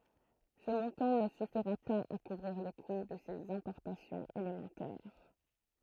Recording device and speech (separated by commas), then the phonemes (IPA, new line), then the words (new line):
throat microphone, read sentence
sə mɔ̃tɑ̃ nə syfiʁa paz a kuvʁiʁ lə ku də sez ɛ̃pɔʁtasjɔ̃z elemɑ̃tɛʁ
Ce montant ne suffira pas à couvrir le coût de ses importations élémentaires.